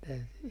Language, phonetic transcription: Finnish, täyty , .
- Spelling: täytyi

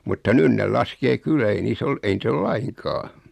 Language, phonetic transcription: Finnish, mutta 'nyn nel 'laskee "kyllä ei 'niis ‿ol , 'ei nit ‿ol "laiŋkaa .
- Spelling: mutta nyt ne laskee kyllä ei niissä ole ei niitä ole lainkaan

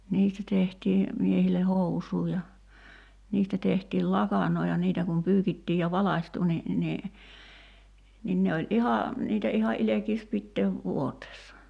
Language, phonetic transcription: Finnish, 'niistä tehtii , 'miehile "hous̀uu ja , 'niistä tehtiil "lakaǹoo ja 'niitä kum 'pyykittii ja 'valaśtu ni , ni , nin ne oĺ '’iha , 'niitä iha '’ilekiis 'pitteev "vuoteessa .
- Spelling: niistä tehtiin miehille housuja ja niistä tehtiin lakanoita ja niitä kun pyykittiin ja valkaistui niin niin niin ne oli ihan niitä ihan ilkeäisi pitää vuoteessa

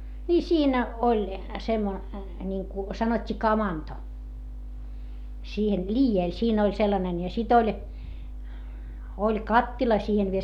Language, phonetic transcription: Finnish, nii siinä , oĺ , semmo- , ńiŋku , sanot́t́ii kamanto , siihen liijèl siin ‿oĺ sellanen ja sit ‿oĺ , oĺ kattila siihen viel .
- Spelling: niin siinä oli - niin kuin sanottiin kamanto siihen liedellä siinä oli sellainen ja sitten oli oli kattila siihen vielä

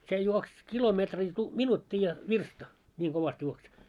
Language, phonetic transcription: Finnish, 'se juoks 'kilometrii tu- , "minutti ja "virsta , 'ńiiŋ 'ɢovast juoks .
- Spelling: se juoksi kilometri - minuutti ja virsta niin kovasti juoksi

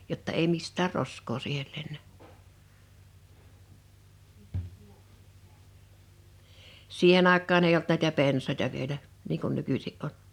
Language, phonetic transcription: Finnish, 'jotta ei 'mist̆täär "rosk̀oo 'siihel 'lennä , 'siihen ‿àek̆kaan ‿ei olt 'nä̀itä "pensàᵉta 'vielä , nii kun 'nykysi’ '’on .
- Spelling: jotta ei mistään roskaa siihen lennä siihen aikaan ei ollut näitä pensaita vielä niin kuin nykyisin on

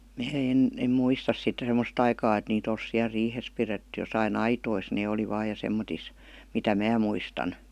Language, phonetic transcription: Finnish, mää 'en , em "muistas sitte 'sem°s't ‿aikaa et 'niit ‿ols siäl 'riihes piretty josai"n ‿aitois 'nee oli 'vaa ja 'semmotis , mitä "mää muistan .
- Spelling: minä en en muista sitten semmoista aikaa että niitä olisi siellä riihessä pidetty jossakin aitoissa ne oli vain ja semmoisissa mitä minä muistan

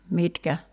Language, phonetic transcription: Finnish, 'mitkä ?
- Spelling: mitkä

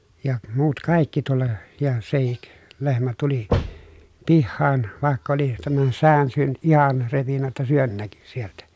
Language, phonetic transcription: Finnish, ja , muut kàikki tulla , ja sehik , lehmä tuli , pihhaan , vàekk ‿oli , tämän sään syönʸt ihan repinnä ‿ttä syön näky sieltä .
- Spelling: ja muut kaikki tulla ja sekin lehmä tuli pihaan vaikka oli tämän säkän syönyt ihan repinyt että sydän näkyi sieltä

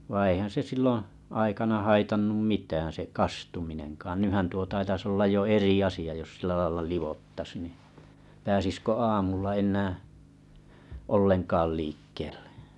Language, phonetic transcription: Finnish, vaiⁱ̰ eihän se 'silloᵒ̰ , aikana 'haitannum "mitään se "kastuminenkaan 'nyhän tuo taitas ollaj jo 'eri asi₍a jos sila laila 'livottas ni , pääsiskö 'aamulla 'en̆nää , 'olleŋkaal liikkeeʟʟᴇ .
- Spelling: vaan eihän se silloin aikana haitannut mitään se kastuminenkaan nythän tuo taitaisi olla jo eri asia jos sillä lailla liottaisi niin pääsisikö aamulla enää ollenkaan liikkeelle

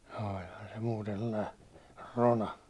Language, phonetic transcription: Finnish, òĺhan se 'muuten sᴇllai , 'rona .
- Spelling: olihan se muuten sellainen rona

